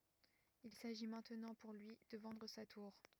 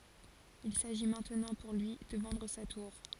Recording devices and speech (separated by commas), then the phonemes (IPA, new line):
rigid in-ear microphone, forehead accelerometer, read sentence
il saʒi mɛ̃tnɑ̃ puʁ lyi də vɑ̃dʁ sa tuʁ